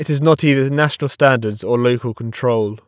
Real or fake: real